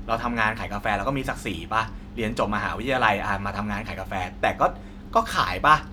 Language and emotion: Thai, frustrated